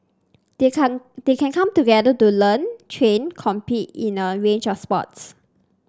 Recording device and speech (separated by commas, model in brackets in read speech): standing microphone (AKG C214), read sentence